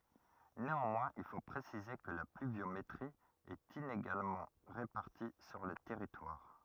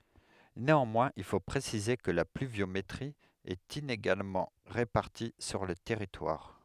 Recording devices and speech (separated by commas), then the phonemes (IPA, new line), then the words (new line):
rigid in-ear microphone, headset microphone, read sentence
neɑ̃mwɛ̃z il fo pʁesize kə la plyvjometʁi ɛt ineɡalmɑ̃ ʁepaʁti syʁ lə tɛʁitwaʁ
Néanmoins il faut préciser que la pluviométrie est inégalement répartie sur le territoire.